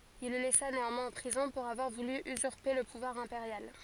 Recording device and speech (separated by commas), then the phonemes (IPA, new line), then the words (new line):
forehead accelerometer, read sentence
il lə lɛsa neɑ̃mwɛ̃z ɑ̃ pʁizɔ̃ puʁ avwaʁ vuly yzyʁpe lə puvwaʁ ɛ̃peʁjal
Il le laissa néanmoins en prison pour avoir voulu usurper le pouvoir impérial.